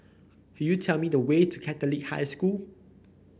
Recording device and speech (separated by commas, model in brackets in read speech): boundary microphone (BM630), read sentence